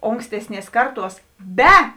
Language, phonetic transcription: Lithuanian, ˈonkstesˌnies ˈkarˌtuos ˈbe

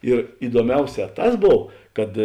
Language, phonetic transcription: Lithuanian, ir iduoˈmiauˌsē ˈtas ˈbov ˈkad

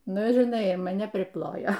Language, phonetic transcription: Lithuanian, ˈnu ir iˈnai maˈne priˈplojo

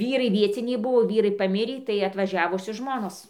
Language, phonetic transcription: Lithuanian, ˈvyrai ˈvieciniai ˈbuvo ˈvyrai paˈmirį tai atvaˈžiavusios ˈžmonos

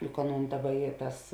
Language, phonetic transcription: Lithuanian, juk ˈaˌnūn ˈdaˌba ˈy ˈtas

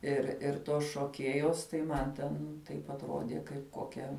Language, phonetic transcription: Lithuanian, ir ir ˈtos šoˈkėjos tai ˈman ten ˈtaip atˈrodė kaip ˈkokia

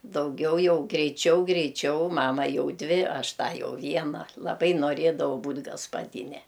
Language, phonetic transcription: Lithuanian, dauˈgiau ˈjau greiˈčiau greiˈčiau ˈmama ˈjau ˈdvi ˈaš ˈtą ˈjau ˈviena laˈbai noˈrėdavau ˈbūt' gaspaˈdine

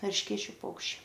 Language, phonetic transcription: Lithuanian, eršˈkėčiu ˈpaukščiai

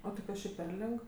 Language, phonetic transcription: Lithuanian, o tai ˈkas čia per ˈlig

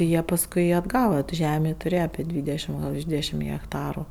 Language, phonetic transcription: Lithuanian, ˈjie pasˈkui atˈgava tu ˈžemė tuˈrėje apė ˈdvydešim gal virš ˈdvydešim hekˈtaru

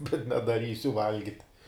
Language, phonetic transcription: Lithuanian, bet nedaˈrysiu ˈvalgit'

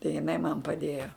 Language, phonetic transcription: Lithuanian, tai jiˈnai man paˈdėjo

